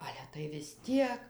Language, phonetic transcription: Lithuanian, ˈale tai vis ˈtiek

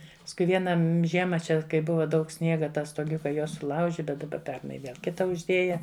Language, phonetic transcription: Lithuanian, paskui ˈviena m ˈžiema ˈčia kai ˈbuva ˈdaug ˈsniega ˈtą stoˈgiuka ˈjuo suˈlauži bet daˈba ˈpernai ˈviel ˈkita užˈdėja

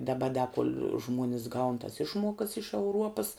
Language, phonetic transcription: Lithuanian, daˈba da kol' ˈžmuonis gaun tas ˈišmuokas iš euˈruopas

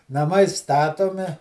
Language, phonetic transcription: Lithuanian, naˈmai ˈstatomi

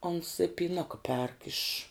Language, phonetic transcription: Lithuanian, ons i pyˈnuka perk iš

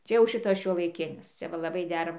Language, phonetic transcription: Lithuanian, ˈčia jau ˈšitas šiuolaiˈkinis ˈčia ˈva laˈbai ˈdera

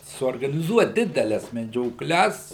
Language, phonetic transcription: Lithuanian, suorganiˈzuot ˈdideles medžioˈkles

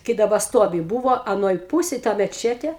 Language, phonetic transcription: Lithuanian, kai daˈba ˈstuovi ˈbūvo aˈnoj ˈpūsėj ˈta meˈčetė

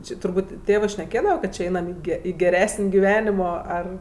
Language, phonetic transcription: Lithuanian, ˈči turˈbūt' ˈtėvɜ šneˈkėdava ˈkad či ˈainam i ˈge i geˈresin' giˈvenimo ˈar

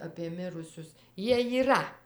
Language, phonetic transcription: Lithuanian, apie ˈmirusius ˈjie jyˈra

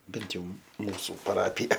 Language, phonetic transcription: Lithuanian, ˈbent jau ˈmūsu paˈrapija

